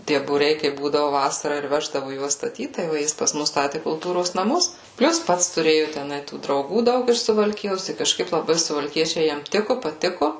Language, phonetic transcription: Lithuanian, ˈtie būˈriai kaip ˈbūdavu ˈvasarą ir ˈveždavu ˈjuos staˈtyt tai ˈva ˈjis pas ˈmus ˈstati kulˈtūros naˈmus ˈplius ˈpats tuˈrėju teˈnai tų drauˈgų ˈdaug iš suvalˈkijos tai kažˈkaip laˈbai suvalˈkiečiai ˈjam ˈtiku paˈtiku

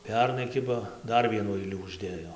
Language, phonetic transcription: Lithuanian, ˈpernai ˈkiba ˈdar ˈvienų ˈailių užˈdėjo

